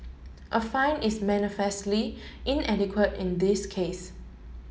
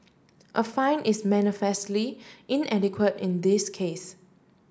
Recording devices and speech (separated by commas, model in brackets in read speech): mobile phone (Samsung S8), standing microphone (AKG C214), read sentence